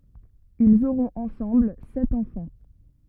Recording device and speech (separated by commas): rigid in-ear microphone, read sentence